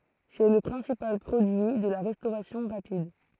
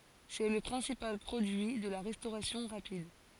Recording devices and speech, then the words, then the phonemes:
throat microphone, forehead accelerometer, read sentence
C’est le principal produit de la restauration rapide.
sɛ lə pʁɛ̃sipal pʁodyi də la ʁɛstoʁasjɔ̃ ʁapid

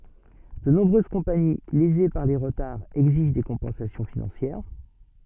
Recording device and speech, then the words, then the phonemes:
soft in-ear microphone, read sentence
De nombreuses compagnies, lésées par les retards, exigent des compensations financières.
də nɔ̃bʁøz kɔ̃pani leze paʁ le ʁətaʁz ɛɡziʒ de kɔ̃pɑ̃sasjɔ̃ finɑ̃sjɛʁ

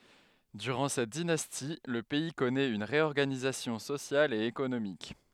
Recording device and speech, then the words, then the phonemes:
headset microphone, read sentence
Durant cette dynastie, le pays connaît une réorganisation sociale et économique.
dyʁɑ̃ sɛt dinasti lə pɛi kɔnɛt yn ʁeɔʁɡanizasjɔ̃ sosjal e ekonomik

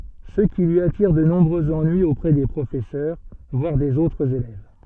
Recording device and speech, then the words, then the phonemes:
soft in-ear microphone, read sentence
Ce qui lui attire de nombreux ennuis auprès des professeurs, voire des autres élèves.
sə ki lyi atiʁ də nɔ̃bʁøz ɑ̃nyiz opʁɛ de pʁofɛsœʁ vwaʁ dez otʁz elɛv

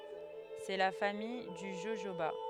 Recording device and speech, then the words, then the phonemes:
headset microphone, read sentence
C'est la famille du jojoba.
sɛ la famij dy ʒoʒoba

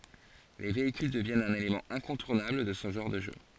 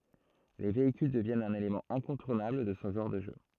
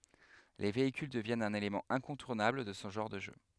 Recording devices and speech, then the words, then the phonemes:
forehead accelerometer, throat microphone, headset microphone, read sentence
Les véhicules deviennent un élément incontournable de ce genre de jeu.
le veikyl dəvjɛnt œ̃n elemɑ̃ ɛ̃kɔ̃tuʁnabl də sə ʒɑ̃ʁ də ʒø

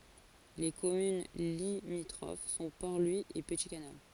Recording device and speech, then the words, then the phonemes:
forehead accelerometer, read sentence
Les communes limitrophes sont Port-Louis et Petit-Canal.
le kɔmyn limitʁof sɔ̃ pɔʁ lwi e pəti kanal

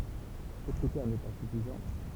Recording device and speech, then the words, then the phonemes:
temple vibration pickup, read sentence
Ce critère n'est pas suffisant.
sə kʁitɛʁ nɛ pa syfizɑ̃

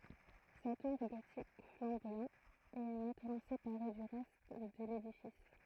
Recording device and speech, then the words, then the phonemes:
throat microphone, read sentence
Sa tour gothique flamboyant est maintenant séparée du reste de l'édifice.
sa tuʁ ɡotik flɑ̃bwajɑ̃ ɛ mɛ̃tnɑ̃ sepaʁe dy ʁɛst də ledifis

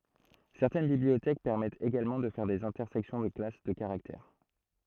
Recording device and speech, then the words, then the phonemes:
throat microphone, read sentence
Certaines bibliothèques permettent également de faire des intersections de classes de caractères.
sɛʁtɛn bibliotɛk pɛʁmɛtt eɡalmɑ̃ də fɛʁ dez ɛ̃tɛʁsɛksjɔ̃ də klas də kaʁaktɛʁ

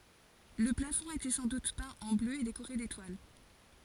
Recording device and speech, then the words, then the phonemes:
forehead accelerometer, read sentence
Le plafond était sans doute peint en bleu et décoré d’étoiles.
lə plafɔ̃ etɛ sɑ̃ dut pɛ̃ ɑ̃ blø e dekoʁe detwal

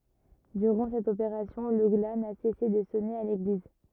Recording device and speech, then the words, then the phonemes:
rigid in-ear microphone, read sentence
Durant cette opération, le glas n'a cessé de sonner à l'église.
dyʁɑ̃ sɛt opeʁasjɔ̃ lə ɡla na sɛse də sɔne a leɡliz

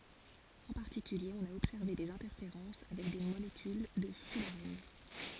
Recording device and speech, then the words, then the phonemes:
forehead accelerometer, read sentence
En particulier, on a observé des interférences avec des molécules de fullerène.
ɑ̃ paʁtikylje ɔ̃n a ɔbsɛʁve dez ɛ̃tɛʁfeʁɑ̃s avɛk de molekyl də fylʁɛn

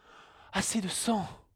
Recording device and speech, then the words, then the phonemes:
headset microphone, read sentence
Assez de sang.
ase də sɑ̃

